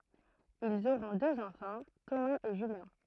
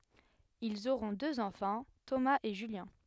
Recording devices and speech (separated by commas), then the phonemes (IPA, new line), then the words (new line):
throat microphone, headset microphone, read sentence
ilz oʁɔ̃ døz ɑ̃fɑ̃ tomaz e ʒyljɛ̃
Ils auront deux enfants, Thomas et Julien.